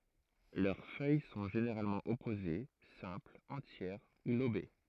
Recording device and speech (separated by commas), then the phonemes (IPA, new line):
throat microphone, read sentence
lœʁ fœj sɔ̃ ʒeneʁalmɑ̃ ɔpoze sɛ̃plz ɑ̃tjɛʁ u lobe